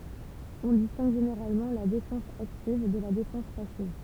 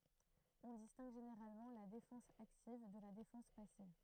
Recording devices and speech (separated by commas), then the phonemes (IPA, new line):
temple vibration pickup, throat microphone, read sentence
ɔ̃ distɛ̃ɡ ʒeneʁalmɑ̃ la defɑ̃s aktiv də la defɑ̃s pasiv